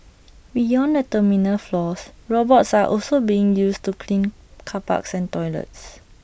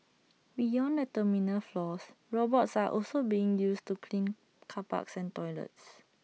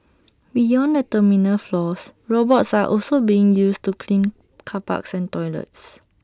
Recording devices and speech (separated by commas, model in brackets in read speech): boundary microphone (BM630), mobile phone (iPhone 6), standing microphone (AKG C214), read sentence